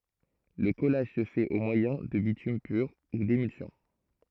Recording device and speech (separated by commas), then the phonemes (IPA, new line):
throat microphone, read sentence
lə kɔlaʒ sə fɛt o mwajɛ̃ də bitym pyʁ u demylsjɔ̃